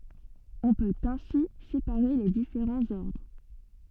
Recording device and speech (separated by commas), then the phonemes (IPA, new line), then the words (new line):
soft in-ear microphone, read sentence
ɔ̃ pøt ɛ̃si sepaʁe le difeʁɑ̃z ɔʁdʁ
On peut ainsi séparer les différents ordres.